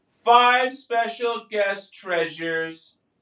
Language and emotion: English, sad